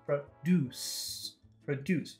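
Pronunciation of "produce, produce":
'Produce' is said both times as the verb, with a short first syllable and a long second syllable.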